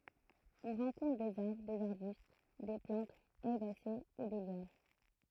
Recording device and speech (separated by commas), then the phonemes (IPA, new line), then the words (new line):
throat microphone, read sentence
ɔ̃ ʁɑ̃kɔ̃tʁ dez aʁbʁ dez aʁbyst de plɑ̃tz ɛʁbase u de ljan
On rencontre des arbres, des arbustes, des plantes herbacées ou des lianes.